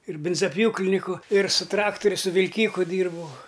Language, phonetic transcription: Lithuanian, ir ˈbinzaˈpjūkliniku ir su ˈtrakturiu su vilˈkyku ˈdyrbau

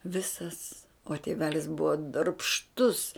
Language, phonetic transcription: Lithuanian, ˈvisas o tėˈvelis ˈbuva darbšˈtus

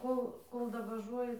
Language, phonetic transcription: Lithuanian, ˈkol ˈkol davaˈžuoji

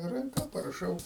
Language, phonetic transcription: Lithuanian, ranˈka paraˈšau

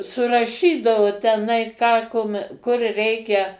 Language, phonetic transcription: Lithuanian, suraˈšydavu teˈnai ką kum kur ˈreikia

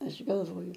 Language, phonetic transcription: Lithuanian, ˈaš galˈvoju

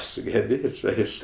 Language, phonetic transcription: Lithuanian, sugeˈbėč' ˈaišku

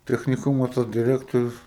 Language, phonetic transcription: Lithuanian, techniˈkumo ˈtas diˈrektorius

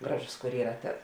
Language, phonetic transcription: Lithuanian, ˈgraˌžus kur ˈyra ˈtas

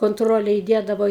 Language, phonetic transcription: Lithuanian, konˈtrole įˈdiedavo

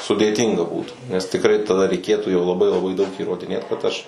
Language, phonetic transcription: Lithuanian, sudėˈtynga ˈbūtų nes tikˈrai taˈda reiˈkėtų jau laˈbai laˈbai daug įrodiˈnėt kad ˈaš

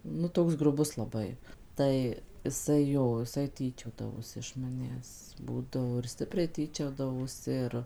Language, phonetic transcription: Lithuanian, ˈnu ˈtoks gruˈbus laˈbai ˈtai iˈsai ˈjo iˈsai ˈtyčiodavosi iš maˈnęs ˈbūdavo ir ˈstipriai ˈtyčiodavosi ˈir

